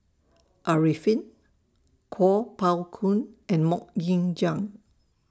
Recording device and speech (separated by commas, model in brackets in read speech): standing microphone (AKG C214), read sentence